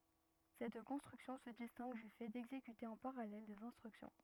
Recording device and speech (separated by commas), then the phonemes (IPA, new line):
rigid in-ear microphone, read sentence
sɛt kɔ̃stʁyksjɔ̃ sə distɛ̃ɡ dy fɛ dɛɡzekyte ɑ̃ paʁalɛl dez ɛ̃stʁyksjɔ̃